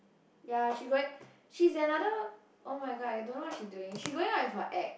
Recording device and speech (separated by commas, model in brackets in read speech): boundary microphone, conversation in the same room